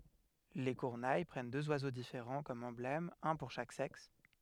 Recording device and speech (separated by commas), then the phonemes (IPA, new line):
headset microphone, read sentence
le kyʁne pʁɛn døz wazo difeʁɑ̃ kɔm ɑ̃blɛmz œ̃ puʁ ʃak sɛks